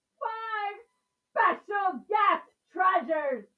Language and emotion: English, disgusted